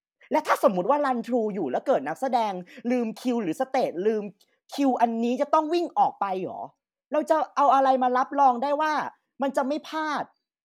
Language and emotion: Thai, frustrated